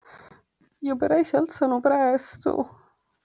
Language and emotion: Italian, sad